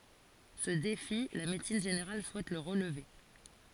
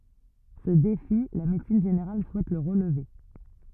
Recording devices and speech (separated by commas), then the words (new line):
forehead accelerometer, rigid in-ear microphone, read sentence
Ce défi, la médecine générale souhaite le relever.